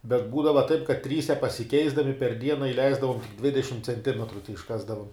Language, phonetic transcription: Lithuanian, bet ˈbūdava taip kad ˈtryse pasiˈkeisdami per ˈdiena iˈleisdavom ˈdvidešim cenˈtimetru teišˈkasdavom

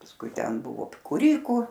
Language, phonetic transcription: Lithuanian, pasˈkui ˈten ˈbuvo kūˈryku

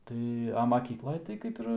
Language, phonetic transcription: Lithuanian, ˈtai a maˈkyklaj tai ˈkaip ir

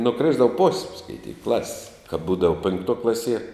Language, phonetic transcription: Lithuanian, nuˈkrisdava pos' skaiˈtyk klas's' kap ˈbūdava pinkˈtuo ˈklasie

